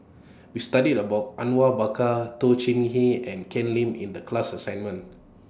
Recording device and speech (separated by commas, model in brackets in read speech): standing microphone (AKG C214), read sentence